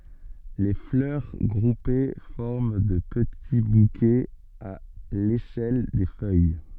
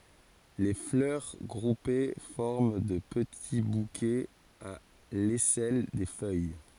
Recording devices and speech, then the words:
soft in-ear microphone, forehead accelerometer, read sentence
Les fleurs groupées forment de petits bouquets à l'aisselle des feuilles.

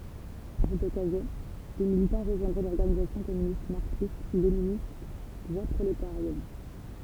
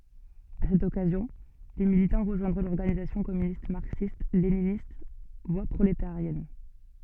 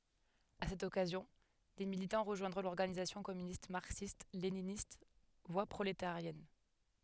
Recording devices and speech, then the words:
temple vibration pickup, soft in-ear microphone, headset microphone, read sentence
À cette occasion, des militants rejoindront l'Organisation communiste marxiste-léniniste – Voie prolétarienne.

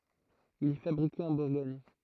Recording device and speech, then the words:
throat microphone, read sentence
Il est fabriqué en Bourgogne.

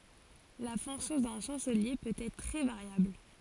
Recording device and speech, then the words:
forehead accelerometer, read sentence
La fonction d'un chancelier peut être très variable.

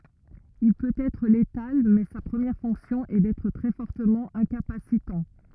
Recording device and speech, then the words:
rigid in-ear microphone, read sentence
Il peut être létal mais sa première fonction est d'être très fortement incapacitant.

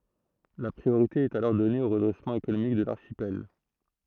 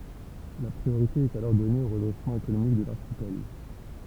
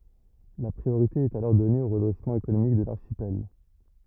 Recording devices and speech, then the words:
throat microphone, temple vibration pickup, rigid in-ear microphone, read sentence
La priorité est alors donnée au redressement économique de l'archipel.

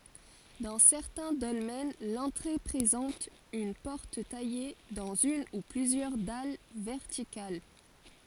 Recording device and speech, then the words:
forehead accelerometer, read sentence
Dans certains dolmens, l'entrée présente une porte taillée dans une ou plusieurs dalles verticales.

